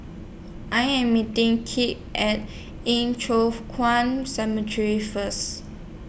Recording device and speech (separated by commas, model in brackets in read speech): boundary microphone (BM630), read sentence